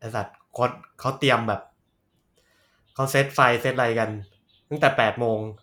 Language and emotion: Thai, frustrated